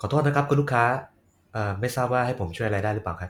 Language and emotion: Thai, neutral